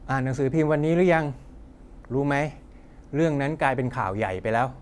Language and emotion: Thai, neutral